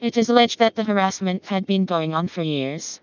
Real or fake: fake